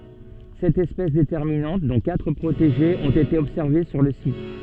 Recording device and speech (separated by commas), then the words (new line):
soft in-ear microphone, read sentence
Sept espèces déterminantes, dont quatre protégées, ont été observées sur le site.